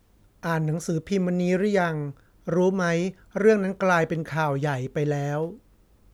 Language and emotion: Thai, neutral